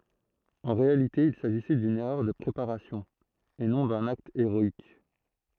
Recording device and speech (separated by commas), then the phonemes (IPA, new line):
throat microphone, read sentence
ɑ̃ ʁealite il saʒisɛ dyn ɛʁœʁ də pʁepaʁasjɔ̃ e nɔ̃ dœ̃n akt eʁɔik